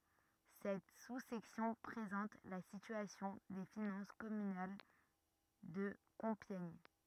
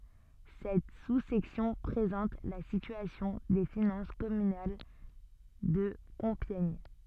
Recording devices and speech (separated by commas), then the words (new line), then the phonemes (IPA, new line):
rigid in-ear microphone, soft in-ear microphone, read sentence
Cette sous-section présente la situation des finances communales de Compiègne.
sɛt su sɛksjɔ̃ pʁezɑ̃t la sityasjɔ̃ de finɑ̃s kɔmynal də kɔ̃pjɛɲ